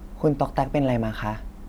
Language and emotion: Thai, neutral